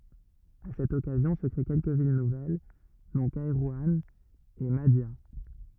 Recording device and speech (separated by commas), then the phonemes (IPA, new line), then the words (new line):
rigid in-ear microphone, read sentence
a sɛt ɔkazjɔ̃ sə kʁe kɛlkə vil nuvɛl dɔ̃ kɛʁwɑ̃ e madja
À cette occasion se créent quelques villes nouvelles dont Kairouan et Mahdia.